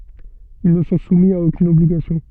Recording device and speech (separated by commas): soft in-ear microphone, read sentence